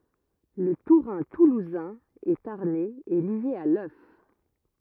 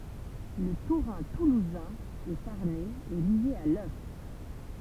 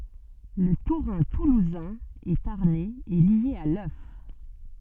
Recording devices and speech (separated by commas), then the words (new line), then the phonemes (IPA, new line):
rigid in-ear microphone, temple vibration pickup, soft in-ear microphone, read sentence
Le tourin toulousain et tarnais est lié à l'œuf.
lə tuʁɛ̃ tuluzɛ̃ e taʁnɛz ɛ lje a lœf